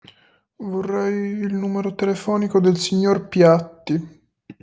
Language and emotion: Italian, sad